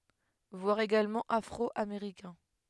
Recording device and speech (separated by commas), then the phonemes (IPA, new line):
headset microphone, read sentence
vwaʁ eɡalmɑ̃ afʁɔameʁikɛ̃